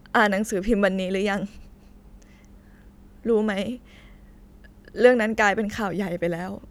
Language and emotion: Thai, sad